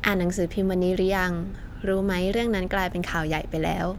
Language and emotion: Thai, neutral